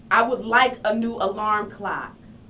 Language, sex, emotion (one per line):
English
female
angry